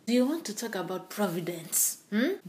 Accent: Kenyan accent